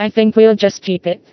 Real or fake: fake